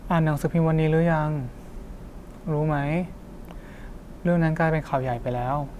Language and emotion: Thai, frustrated